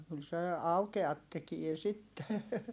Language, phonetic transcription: Finnish, kyl se , aukeat tekie sitte .
- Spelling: kyllä se aukeat tekee sitten

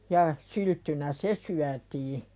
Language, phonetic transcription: Finnish, ja , 'sylttynä "se syätii .
- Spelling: ja sylttynä se syötiin

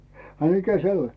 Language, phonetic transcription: Finnish, a 'mikä "se 'oĺ ?
- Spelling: a mikä se oli

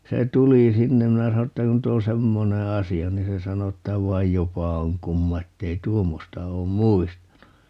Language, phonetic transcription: Finnish, 'se "tulì 'sinnem 'minä sano ‿ttä » 'nyt ‿o "semmone 'asi₍a » 'niin se 'sano että » 'vaij "jopa oŋ 'kumma 'ettei "tuommosta oom "muistanu » .
- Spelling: se tuli sinne minä sanoin että nyt on semmoinen asia niin se sanoi että vaan jopa on kumma että ei tuommoista ole muistanut

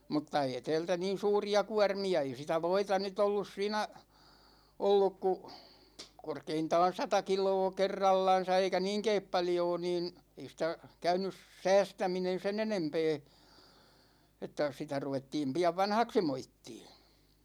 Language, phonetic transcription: Finnish, 'mutta 'ee 'tɛɛltä niin̬ "suuri₍a 'kuarmi₍a , 'ei sitä "voita ny't ‿ollus 'siinä , 'olluk ku , 'korkeintaan̬ "sata 'kil̀oo 'kerrallan̬sa , eikä "niiŋkeep 'paljoo niin , 'ei sĭtä , 'käynys "säästäminen̬ 'sen ‿enempee , että 'sitä 'ruvettiim 'pi₍av "vanhaksi 'moittii .
- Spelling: mutta ei täältä niin suuria kuormia ei sitä voita nyt ollut siinä ollut kuin korkeintaan sata kiloa kerrallansa eikä niinkään paljoa niin ei sitä käynyt säästäminen sen enempää että sitä ruvettiin pian vanhaksi moittimaan

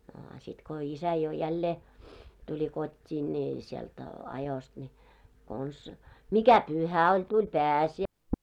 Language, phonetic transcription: Finnish, no a 'sit ko "isä jo 'jällee , tuĺi 'kot́t́ii ńii , 'sielt , 'ajost ńi , kons , "mikä "pyhä oĺ , 'tuĺ "päsi₍ä- .
- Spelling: no a sitten kun isä jo jälleen tuli kotiin niin sieltä ajosta niin konsa mikä pyhä oli tuli -

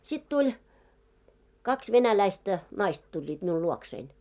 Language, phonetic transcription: Finnish, sit 'tuĺ , 'kaks 'venäläistä , 'naist ‿tuĺĺiit miul "luoksein .
- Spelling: sitten tuli kaksi venäläistä naista tulivat minulle luokseni

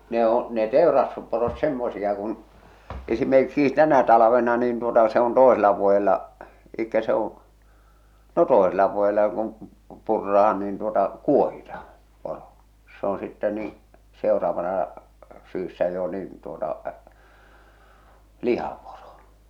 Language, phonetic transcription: Finnish, ne ‿oo̰ , ne "tèorastusporot 'semmosiʲa kun , esimerkkiis 'tänä 'talᵃvena nin tuota , se ‿on 'toesela vuojella , elikkä se ‿oo̰ , no "tòesella vuojella jok ‿on̬ , 'purrahan niin tuota , "kuohitah̬ᴀ , 'poro , se ‿on sittɛ nii , 'seoraavana , 'syyssä jo niin , tuota , "lihaporo .
- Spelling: ne on ne teurastusporot semmoisia kuin esimerkiksi tänä talvena niin tuota se on toisella vuodella eli se on no toisella vuodella joka on purraan niin tuota kuohitaan poro se on sitten niin seuraavana syksynä jo niin tuota lihaporo

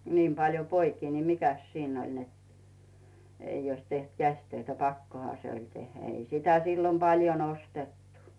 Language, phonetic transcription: Finnish, 'niim paljo "poikii ni "mikäs 'siinn ‿oĺ net , 'ei oⁱs teht "käś'töitä , "pakkoha se oĺ 'tehhä , 'ei sitä sillom 'paljon "ostettu .
- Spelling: niin paljon poikia niin mikäs siinä oli että ei olisi tehty käsitöitä pakkohan se oli tehdä ei sitä silloin paljon ostettu

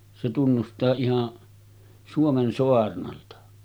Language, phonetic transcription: Finnish, se tunnustaa ihan , 'Suomen soarnalta .
- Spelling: se tunnustaa ihan Suomen saarnalta

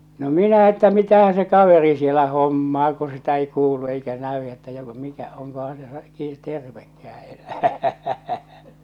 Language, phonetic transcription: Finnish, no "minä että 'mitähä se "kaveri sielä 'hommaa ku sitä ei 'kuulu eikä 'nä₍y että joko mikä 'oŋkohaa̰ se ki- , 'tervekkää enää .
- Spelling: no minä että mitähän se kaveri siellä hommaa kun sitä ei kuulu eikä näy että joko mikä onkohan se - tervekään enää

